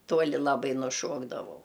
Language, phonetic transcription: Lithuanian, ˈtuoli laˈbai nuˈšuokdavau

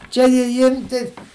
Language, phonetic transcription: Lithuanian, ˈčia ji ˈyr tei

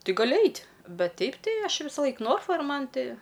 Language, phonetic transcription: Lithuanian, ˈtɨ gaˈli ˈait' ˈbet ˈteip ˈtai ˈaš ˈvisalaik ˈnorfa ir ˈman ˈti

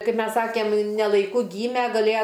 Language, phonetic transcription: Lithuanian, ˈkaip ˈmes ˈsakėm ne laiˈku ˈgyme gaˈlėja

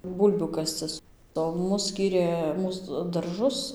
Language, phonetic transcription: Lithuanian, ˈbūlbių ˈkascɨs o ˈmus ˈskyrė ˈmūs darˈžus

